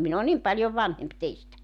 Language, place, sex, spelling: Finnish, Joutsa, female, minä olen niin paljon vanhempi teistä
- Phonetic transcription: 'min ‿o 'nim paljov "vanhemp 'teistä .

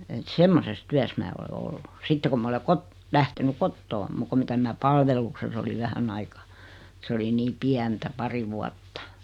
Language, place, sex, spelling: Finnish, Noormarkku, female, että semmoisessa työssä minä olen ollut sitten kun minä olen - lähtenyt kotoa muuta kuin mitä minä palveluksessa olin vähän aikaa se oli niin pientä pari vuotta
- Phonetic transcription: et 'semmoses 'tyäs mää ole 'ollu , 'sitte ku 'm ‿ole 'kot- , 'lähteny "kottoo , 'muk ku 'mitä minä "palvelukses oliv 'vähän aikᴀ , 's ‿oli nii 'piäntä , 'pari 'vuattᴀ .

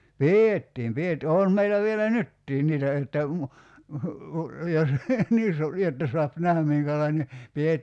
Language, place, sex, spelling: Finnish, Kerimäki, male, pidettiin - on meillä vielä nytkin niitä että - jos niin - jotta saa nähdä minkälainen -
- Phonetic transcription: "pì₍ettiim piet- , 'oon meilä vielä "nyttiin 'niitä että mu- , 'jos , (nii su-) , 'jotta suap 'nähäm miŋkälaine , 'pi₍et- ,.

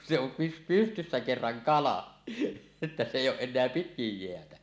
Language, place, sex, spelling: Finnish, Suomussalmi, male, kun se on - pystyssä kerran kala että se ei ole enää pitkin jäätä
- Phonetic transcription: kun se ‿om py- 'pystyssä kerraŋ "kala , että se 'èij̆j ‿ooˀ 'ˀen̆neä 'pitkij jeätä .

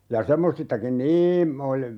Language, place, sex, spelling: Finnish, Urjala, male, ja semmoisistakin niin -
- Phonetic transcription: ja 'semmosistakin "niim 'ol - ,.

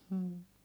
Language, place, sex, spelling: Finnish, Heinola, female, mm
- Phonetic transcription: hm̥ .

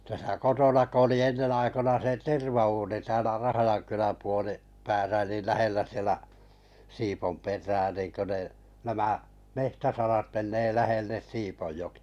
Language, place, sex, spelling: Finnish, Kalajoki, male, tässä kotona kun oli ennen aikoina se tervauuni täällä Rahjankylän - puolipäässä niin lähellä siellä Siiponperää niin kun ne nämä metsäsarat menee lähelle Siiponjokea
- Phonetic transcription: täsä 'kotona 'ko oli 'ennen 'aikona se "terva₍uuni täälä 'Rahajaŋkyläm puoli- , -'pääsä niil 'lähellä sielä , 'Sipomper̀ää nìŋkö ne , 'nämä , "mehtäsarat menee 'lähelles 'Sipojjokɪ₍ᴀ .

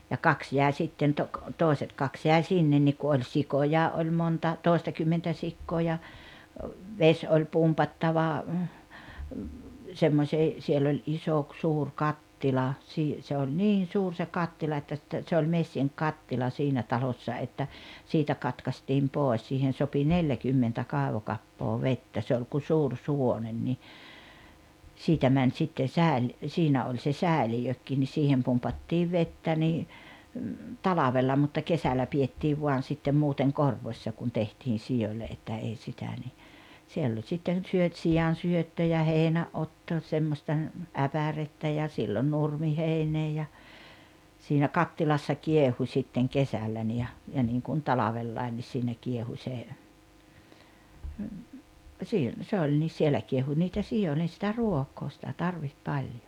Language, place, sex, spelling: Finnish, Rautalampi, female, ja kaksi jäi sitten - toiset kaksi jäi sinne niin kun oli sikoja oli monta toistakymmentä sikaa ja vesi oli pumpattava semmoiseen siellä oli iso - suuri kattila - se oli niin suuri se kattila että - että se oli messinkikattila siinä talossa että siitä katkaistiin pois siihen sopi neljäkymmentä kaivokappaa vettä se oli kuin suuri suvonen niin siitä meni sitten - siinä oli se säiliökin niin siihen pumpattiin vettä niin talvella mutta kesällä pidettiin vain sitten muuten korvossa kun tehtiin sioille että ei sitä niin siellä oli sitten - siansyöttö ja heinänotto semmoista äpärettä ja silloin nurmiheinää ja siinä kattilassa kiehui sitten kesällä niin ja ja niin kuin talvella niin siinä kiehui se - se oli niin siellä kiehui niitä sioille sitä ruokaa sitä tarvitsi paljon
- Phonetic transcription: ja "kaks 'jä̀e sitten to- , "tòeset 'kaks jäi̬ "sinnen nik ku oĺ "sikojaa ’oĺ 'monta , 'tòestakymmentä 'sikkoo ja , 'veś oĺ 'pumpattava , 'semmośee , siell ‿oĺ '’iso ‿k- 'suur "kattila , sii- , se oĺ "niin̬ "suur se 'kattila että (s- ‿että) se oĺ 'messiŋk'kattila 'siinä talossa että , siitä 'katkastiim "pòes siihen̬ 'sopi "neljäkymmentä 'kàevokappoo "vettä se oĺ ku 'suur 'suwonen ni , 'siitä 'mäń sitten "sä̀el- , 'siinä oĺ se "sä̀elijökkii ni 'siihem pumpattiiv 'vettä nii , "talavella mutta 'kesälä pi₍ettiiv 'vuan̬ sittem 'muuteŋ "korvośśa kun tehtiin̬ 'siʲoĺĺe että 'ei sitä ni , 'siell ‿oĺ sitten̬ 'syöt- , 'sijan̬syöttö ja 'hèinä’’otto 'semmośta , 'äpärettä ja sillon 'nurmiheinee ja , siinä "kattilassa 'kiehu śitteŋ "kesällä ni ja , ja niŋkun "talavellain ni siinä 'kiehu śe , siil- , 'se oĺ ni 'siel̆lä kiehu niitä 'si₍o1len̬ sitä "ruoko sitä 'tarviht 'paĺᴊᴏ .

